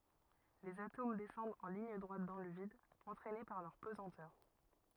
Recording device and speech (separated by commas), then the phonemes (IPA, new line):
rigid in-ear microphone, read sentence
lez atom dɛsɑ̃dt ɑ̃ liɲ dʁwat dɑ̃ lə vid ɑ̃tʁɛne paʁ lœʁ pəzɑ̃tœʁ